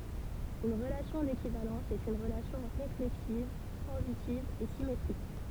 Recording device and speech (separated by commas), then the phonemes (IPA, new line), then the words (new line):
temple vibration pickup, read sentence
yn ʁəlasjɔ̃ dekivalɑ̃s ɛt yn ʁəlasjɔ̃ ʁeflɛksiv tʁɑ̃zitiv e simetʁik
Une relation d'équivalence est une relation réflexive, transitive et symétrique.